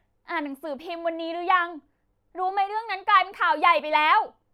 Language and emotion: Thai, angry